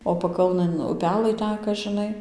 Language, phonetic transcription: Lithuanian, o paˈkalnɘn uˈpelɘ ˈteka žiˈnai

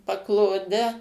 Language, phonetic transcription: Lithuanian, pakloˈde

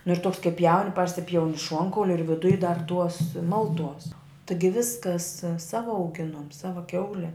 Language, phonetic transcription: Lithuanian, nu ir toks kai pjaun' ˈparsipjauni ˈšuonkauli ir viˈduj dar ˈtuos ˈmalˌtuos ˈtɨgi ˈviskas ˈsava auˈginuom ˈsava ˈkiaule

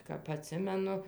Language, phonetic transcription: Lithuanian, kap aˈtsimenu

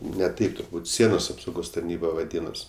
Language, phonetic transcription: Lithuanian, ne ˈtaip turˈbūt ˈsienos apsauˈgos tarˈnyba vaˈdynos

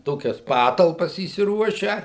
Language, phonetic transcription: Lithuanian, ˈtokias ˈpatalpas įsiˈruošę

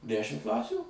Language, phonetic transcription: Lithuanian, ˈdešim ˈklasių

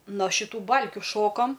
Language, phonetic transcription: Lithuanian, no šiˈtų ˈbalkiu ˈšokam

